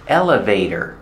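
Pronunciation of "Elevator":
In 'elevator', the t is pronounced as a fast d, and the stress is on the first syllable.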